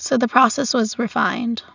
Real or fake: real